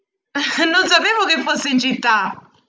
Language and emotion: Italian, surprised